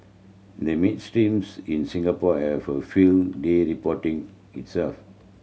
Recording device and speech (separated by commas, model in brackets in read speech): mobile phone (Samsung C7100), read sentence